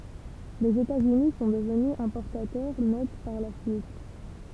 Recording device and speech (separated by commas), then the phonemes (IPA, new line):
temple vibration pickup, read sentence
lez etatsyni sɔ̃ dəvny ɛ̃pɔʁtatœʁ nɛt paʁ la syit